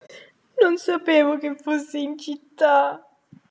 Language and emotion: Italian, sad